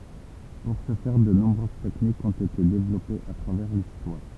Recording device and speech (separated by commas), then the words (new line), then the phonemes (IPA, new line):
temple vibration pickup, read sentence
Pour ce faire, de nombreuses techniques ont été développées à travers l'histoire.
puʁ sə fɛʁ də nɔ̃bʁøz tɛknikz ɔ̃t ete devlɔpez a tʁavɛʁ listwaʁ